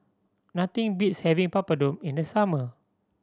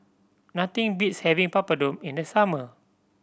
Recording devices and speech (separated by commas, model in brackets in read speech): standing microphone (AKG C214), boundary microphone (BM630), read sentence